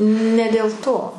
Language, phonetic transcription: Lithuanian, ne dėl ˈto

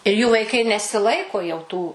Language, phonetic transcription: Lithuanian, ir jų vaiˈkai nesiˈlaiko jau tų

